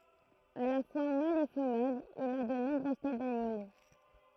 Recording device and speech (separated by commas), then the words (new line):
throat microphone, read sentence
À la fois mâle et femelle, il a de nombreuses têtes d'animaux.